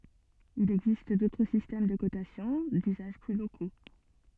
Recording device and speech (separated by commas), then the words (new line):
soft in-ear microphone, read sentence
Il existe d'autres systèmes de cotation, d'usages plus locaux.